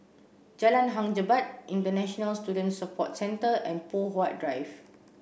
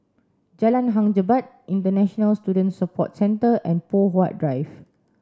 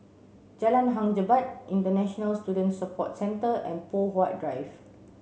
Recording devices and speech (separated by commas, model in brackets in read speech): boundary microphone (BM630), standing microphone (AKG C214), mobile phone (Samsung C7), read sentence